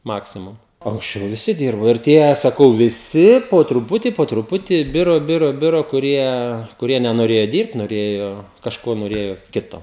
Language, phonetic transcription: Lithuanian, ˈmaksimum o anksˈčiau viˈsi ˈdyrbo ir ˈtie saˈkau viˈsi po truˈputį po truˈputį ˈbiro ˈbiro ˈbiro kuˈrie kuˈrie nenoˈrėjo ˈdyrbt noˈrėjo kažˈko noˈrėjo ˈkito

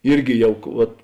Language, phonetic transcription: Lithuanian, ˈirgi ˈjau ˈvat

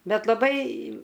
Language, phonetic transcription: Lithuanian, ˈbet laˈbai

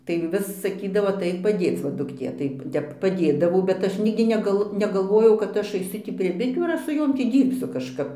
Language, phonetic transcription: Lithuanian, tai ˈvis saˈkydavo aˈtaik paˈdėc va dukˈtė tai ˈtep paˈdėdavau bet ˈaš ˈnigdi neˈgal negalˈvojau kad ˈaš aiˈsu tį prie biˈtių ar ˈaš su ˈjom ˈtį ˈdyrbsiu kažˈkap

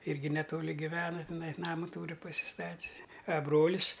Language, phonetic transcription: Lithuanian, ˈirgi neˈtoli giˈvena tiˈnai ˈnama ˈtūri pasiˈstat's' a ˈbrolis

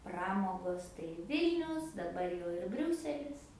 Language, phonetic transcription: Lithuanian, ˈpramogos tai ˈvilnius daˈbar jau ir ˈbriūselis

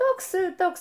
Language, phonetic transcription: Lithuanian, ˈtoks ˈtoks

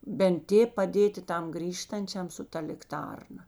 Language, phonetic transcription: Lithuanian, bent ˈtėp paˈdėti ˈtam ˈgrįžtančiam su ˈta likˈtarna

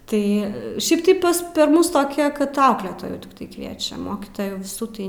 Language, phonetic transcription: Lithuanian, ˈtai ˈšiaip tai ˈpas per ˈmus toˈkia kad ˈauklėtojų tikˈtai ˈkviečiam ˈmokytojų viˈsų tai

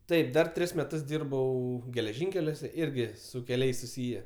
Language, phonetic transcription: Lithuanian, ˈtaip ˈdar ˈtris meˈtus ˈdyrbau geleˈžinkeliuose ˈirgi su keˈliais suˈsyje

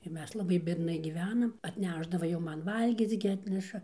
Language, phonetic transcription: Lithuanian, ir ˈmes laˈbai biedˈnai gyˈvenam atˈnæšdava jau ˈman ˈvalgyc gi ˈatneša

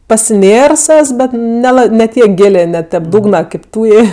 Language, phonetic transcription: Lithuanian, pasiˈnėrs ˈes ˈbet neˈla ne ˈtiek ˈgilė ne tep ˈdūgna kaip ˈtūjė

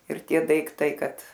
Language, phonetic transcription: Lithuanian, ir ˈtie daikˈtai ˈkad

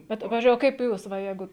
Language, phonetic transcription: Lithuanian, ˈbet ˈpavizdžiui o ˈkaip ˈjūs va ˈjeigu

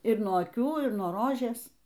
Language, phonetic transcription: Lithuanian, ir nuo aˈkių ir nuo ˈrožės

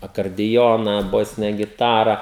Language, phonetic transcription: Lithuanian, akardiˈjona ˈbosine giˈtara

